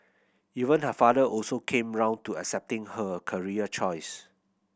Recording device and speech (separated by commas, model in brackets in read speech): boundary microphone (BM630), read sentence